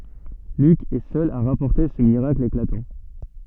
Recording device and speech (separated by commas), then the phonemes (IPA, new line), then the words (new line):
soft in-ear microphone, read sentence
lyk ɛ sœl a ʁapɔʁte sə miʁakl eklatɑ̃
Luc est seul à rapporter ce miracle éclatant.